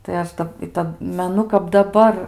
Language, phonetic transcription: Lithuanian, tai ˈaš ˈdab i ˈtad meˈnu kap daˈbar

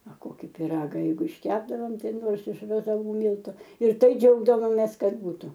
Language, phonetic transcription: Lithuanian, a ˈkoki piˈraga ˈjeigu išˈkepdavom ˈtai ˈnors iš razaˈvų ˈmyltu ir ˈtai ˈdžiaugdavomės ˈkad ˈbūtu

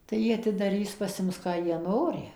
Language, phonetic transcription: Lithuanian, tai ˈjie atidaˈrys pasˈims ˈką ˈjie ˈnori

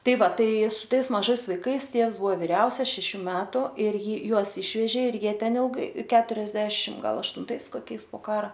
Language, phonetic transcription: Lithuanian, ˈtai ˈva ˈtai su ˈtais maˈžais vaiˈkais ˈtievs ˈbua viˈriausias šeˈšių ˈmetu ir ˈji ˈjuos ˈišvežė ir ˈjie ˈten ilˈgai keturiasˈdešim ˈgal aštunˈtais koˈkiais po ˈkara

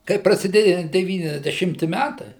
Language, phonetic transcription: Lithuanian, kai prasiˈdėja deˌvyniasdeˈšimti ˈmætai

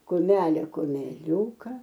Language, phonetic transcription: Lithuanian, kuˈmelė kumeˈliūka

